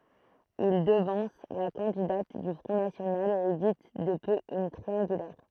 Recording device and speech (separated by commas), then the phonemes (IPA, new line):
throat microphone, read sentence
il dəvɑ̃s la kɑ̃didat dy fʁɔ̃ nasjonal e evit də pø yn tʁiɑ̃ɡylɛʁ